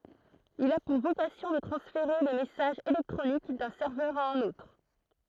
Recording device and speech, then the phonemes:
throat microphone, read sentence
il a puʁ vokasjɔ̃ də tʁɑ̃sfeʁe le mɛsaʒz elɛktʁonik dœ̃ sɛʁvœʁ a œ̃n otʁ

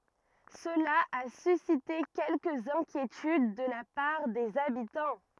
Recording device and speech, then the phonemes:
rigid in-ear microphone, read sentence
səla a sysite kɛlkəz ɛ̃kjetyd də la paʁ dez abitɑ̃

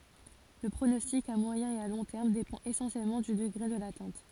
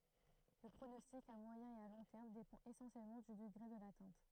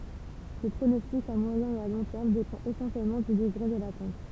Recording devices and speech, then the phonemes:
forehead accelerometer, throat microphone, temple vibration pickup, read sentence
lə pʁonɔstik a mwajɛ̃ e a lɔ̃ tɛʁm depɑ̃t esɑ̃sjɛlmɑ̃ dy dəɡʁe də latɛ̃t

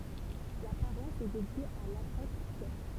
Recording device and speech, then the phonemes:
temple vibration pickup, read sentence
la paʁwas ɛ dedje a lapotʁ pjɛʁ

